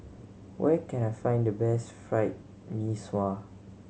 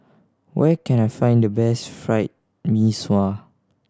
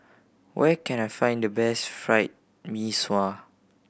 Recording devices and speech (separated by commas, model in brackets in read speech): mobile phone (Samsung C7100), standing microphone (AKG C214), boundary microphone (BM630), read sentence